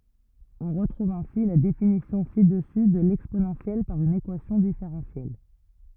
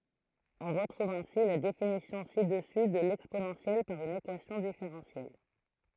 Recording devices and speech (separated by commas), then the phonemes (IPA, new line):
rigid in-ear microphone, throat microphone, read sentence
ɔ̃ ʁətʁuv ɛ̃si la definisjɔ̃ si dəsy də lɛksponɑ̃sjɛl paʁ yn ekwasjɔ̃ difeʁɑ̃sjɛl